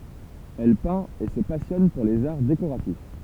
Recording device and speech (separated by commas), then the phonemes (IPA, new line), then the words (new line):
temple vibration pickup, read sentence
ɛl pɛ̃t e sə pasjɔn puʁ lez aʁ dekoʁatif
Elle peint et se passionne pour les arts décoratifs.